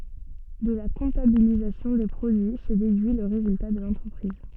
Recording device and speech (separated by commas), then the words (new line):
soft in-ear microphone, read sentence
De la comptabilisation des produits se déduit le résultat de l'entreprise.